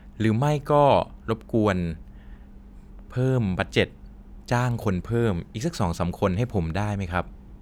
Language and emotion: Thai, neutral